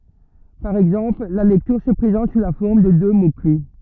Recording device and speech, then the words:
rigid in-ear microphone, read sentence
Par exemple, la lecture se présente sous la forme de deux mots-clefs.

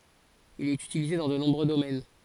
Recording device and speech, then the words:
forehead accelerometer, read sentence
Il est utilisé dans de nombreux domaines.

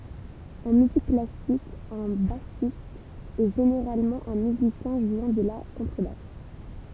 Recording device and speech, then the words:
temple vibration pickup, read sentence
En musique classique, un bassiste est généralement un musicien jouant de la contrebasse.

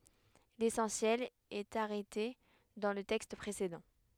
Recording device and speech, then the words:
headset microphone, read sentence
L'essentiel est arrêté dans le texte précédent.

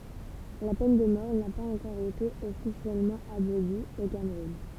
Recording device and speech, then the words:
temple vibration pickup, read sentence
La peine de mort n'a pas encore été officiellement abolie au Cameroun.

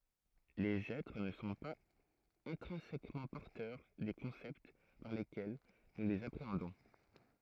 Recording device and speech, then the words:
throat microphone, read sentence
Les êtres ne sont pas intrinsèquement porteurs des concepts par lesquels nous les appréhendons.

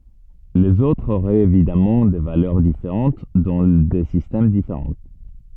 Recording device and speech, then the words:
soft in-ear microphone, read sentence
Les autres auraient évidemment des valeurs différentes dans des systèmes différents.

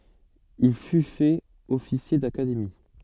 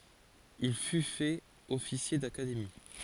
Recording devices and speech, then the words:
soft in-ear microphone, forehead accelerometer, read sentence
Il fut fait officier d'académie.

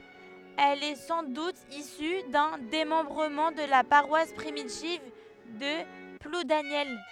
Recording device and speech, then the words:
headset microphone, read sentence
Elle est sans doute issue d'un démembrement de la paroisse primitive de Ploudaniel.

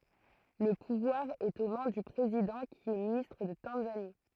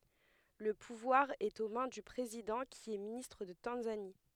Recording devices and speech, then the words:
throat microphone, headset microphone, read sentence
Le pouvoir est aux mains du président qui est ministre de Tanzanie.

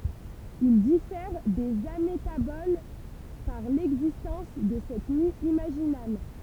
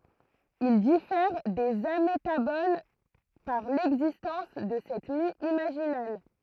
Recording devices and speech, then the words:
temple vibration pickup, throat microphone, read sentence
Ils diffèrent des amétaboles par l'existence de cette mue imaginale.

